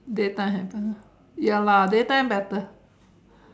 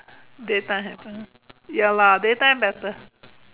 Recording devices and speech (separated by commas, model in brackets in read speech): standing microphone, telephone, conversation in separate rooms